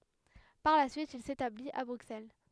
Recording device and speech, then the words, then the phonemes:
headset microphone, read sentence
Par la suite, il s'établit à Bruxelles.
paʁ la syit il setablit a bʁyksɛl

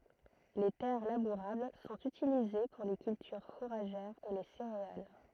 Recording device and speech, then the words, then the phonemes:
throat microphone, read sentence
Les terres labourables sont utilisées pour les cultures fourragères et les céréales.
le tɛʁ labuʁabl sɔ̃t ytilize puʁ le kyltyʁ fuʁaʒɛʁz e le seʁeal

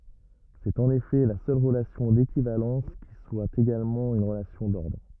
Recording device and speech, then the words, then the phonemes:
rigid in-ear microphone, read sentence
C'est en effet la seule relation d'équivalence qui soit également une relation d'ordre.
sɛt ɑ̃n efɛ la sœl ʁəlasjɔ̃ dekivalɑ̃s ki swa eɡalmɑ̃ yn ʁəlasjɔ̃ dɔʁdʁ

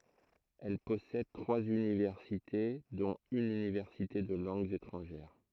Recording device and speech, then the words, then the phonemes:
throat microphone, read sentence
Elle possède trois universités, dont une université de langues étrangères.
ɛl pɔsɛd tʁwaz ynivɛʁsite dɔ̃t yn ynivɛʁsite də lɑ̃ɡz etʁɑ̃ʒɛʁ

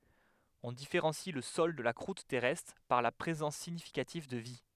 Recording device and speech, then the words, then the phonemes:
headset microphone, read sentence
On différencie le sol de la croûte terrestre par la présence significative de vie.
ɔ̃ difeʁɑ̃si lə sɔl də la kʁut tɛʁɛstʁ paʁ la pʁezɑ̃s siɲifikativ də vi

